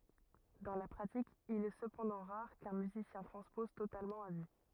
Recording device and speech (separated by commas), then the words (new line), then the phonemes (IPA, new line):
rigid in-ear microphone, read sentence
Dans la pratique, il est cependant rare qu'un musicien transpose totalement à vue.
dɑ̃ la pʁatik il ɛ səpɑ̃dɑ̃ ʁaʁ kœ̃ myzisjɛ̃ tʁɑ̃spɔz totalmɑ̃ a vy